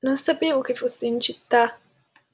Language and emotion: Italian, sad